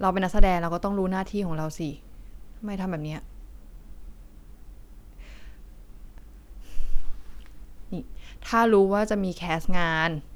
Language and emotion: Thai, frustrated